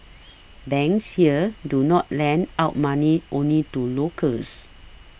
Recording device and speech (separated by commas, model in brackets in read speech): boundary microphone (BM630), read sentence